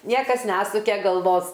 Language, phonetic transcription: Lithuanian, ˈniekas ˈnesuke galˈvos

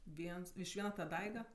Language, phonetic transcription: Lithuanian, ˈviens iš ˈviena ta ˈdaiga

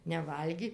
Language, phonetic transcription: Lithuanian, neˈvalgi

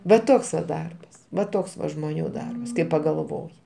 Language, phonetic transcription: Lithuanian, va ˈtoks va ˈdarbas va ˈtoks va žmoˈnių ˈdarbas kai pagalˈvoji

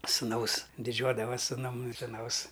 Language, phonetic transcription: Lithuanian, sūˈnaus diˈdžiuodavas' suˈnum suˈnaus

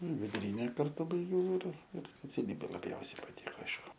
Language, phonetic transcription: Lithuanian, viduˈryne karˈtu baiˈgiau ir ir speciaˈlybė laˈbjausiai paˈtiko ˈaišku

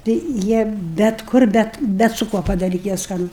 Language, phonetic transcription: Lithuanian, ˈtai ˈjie bet ˈkur ˈbet ˈbet su ˈkuo padaˈryti jie ˈskanu

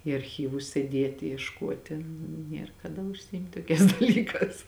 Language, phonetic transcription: Lithuanian, į arˈchyvus sėˈdėti iešˈkuoti ˈnier kaˈda užsiˈimt' ˈtoˌkēs daˈlyˌkās

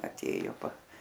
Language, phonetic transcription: Lithuanian, aˈtėju pa

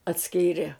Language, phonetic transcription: Lithuanian, atˈskyrė

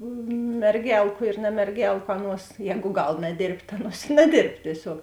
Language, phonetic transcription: Lithuanian, merˈgelku ir namerˈgelku ˈaˌnuos ˈjēgu ˈgal naˈdėrbt' ta ˈaˌnuos i naˈdėrb tieˈsiog

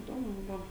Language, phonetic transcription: Lithuanian, iˈdomu ˈbuvo

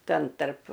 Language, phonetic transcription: Lithuanian, ˈten tarp

